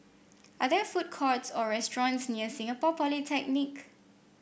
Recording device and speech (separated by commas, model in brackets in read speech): boundary microphone (BM630), read sentence